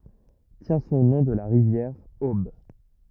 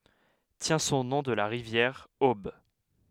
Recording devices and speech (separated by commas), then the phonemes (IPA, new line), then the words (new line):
rigid in-ear microphone, headset microphone, read sentence
tjɛ̃ sɔ̃ nɔ̃ də la ʁivjɛʁ ob
Tient son nom de la rivière Aube.